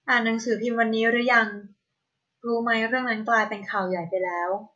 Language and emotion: Thai, neutral